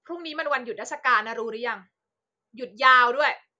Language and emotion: Thai, angry